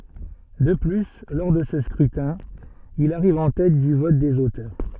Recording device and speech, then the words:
soft in-ear microphone, read sentence
De plus, lors de ce scrutin, il arrive en tête du vote des auteurs.

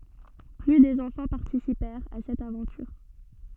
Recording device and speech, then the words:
soft in-ear microphone, read sentence
Plus de enfants participèrent à cette aventure.

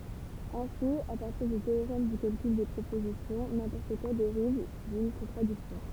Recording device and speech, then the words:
temple vibration pickup, read sentence
Ainsi à partir du théorème du calcul des propositions, n'importe quoi dérive d'une contradiction.

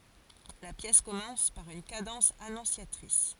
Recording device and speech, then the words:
forehead accelerometer, read sentence
La pièce commence par une cadence annonciatrice.

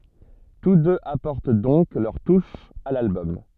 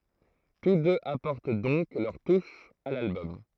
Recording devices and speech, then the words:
soft in-ear microphone, throat microphone, read sentence
Tous deux apportent donc leur touche à l'album.

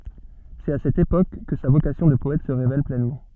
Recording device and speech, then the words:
soft in-ear microphone, read sentence
C’est à cette époque que sa vocation de poète se révèle pleinement.

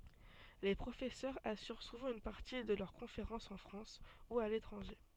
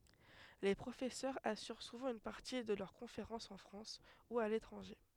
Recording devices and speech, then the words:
soft in-ear microphone, headset microphone, read sentence
Les professeurs assurent souvent une partie de leurs conférences en France ou à l'étranger.

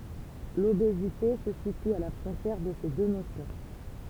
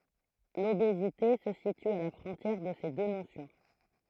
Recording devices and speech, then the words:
temple vibration pickup, throat microphone, read sentence
L’obésité se situe à la frontière de ces deux notions.

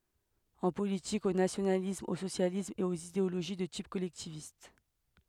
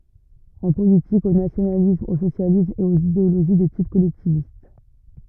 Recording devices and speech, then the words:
headset microphone, rigid in-ear microphone, read sentence
En politique, au nationalisme, au socialisme, et aux idéologies de type collectiviste.

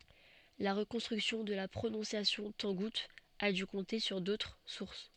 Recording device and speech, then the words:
soft in-ear microphone, read sentence
La reconstruction de la prononciation tangoute a dû compter sur d'autres sources.

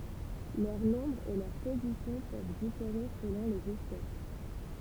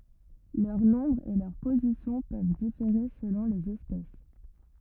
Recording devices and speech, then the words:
temple vibration pickup, rigid in-ear microphone, read sentence
Leur nombre et leur position peuvent différer selon les espèces.

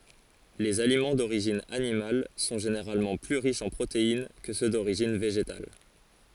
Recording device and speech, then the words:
forehead accelerometer, read sentence
Les aliments d'origine animale sont généralement plus riches en protéines que ceux d'origine végétale.

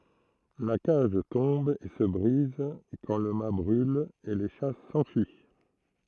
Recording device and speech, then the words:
throat microphone, read sentence
La cage tombe et se brise quand le mat brule, et les chats s'enfuient.

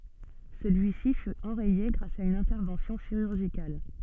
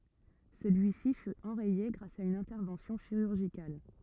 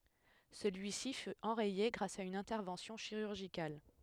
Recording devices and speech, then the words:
soft in-ear microphone, rigid in-ear microphone, headset microphone, read sentence
Celui-ci fut enrayé grâce à une intervention chirurgicale.

